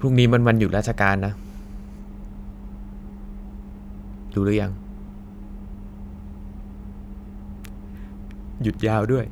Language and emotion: Thai, frustrated